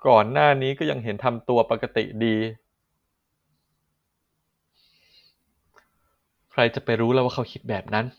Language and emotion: Thai, sad